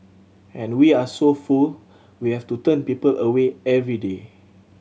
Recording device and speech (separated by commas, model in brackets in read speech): mobile phone (Samsung C7100), read sentence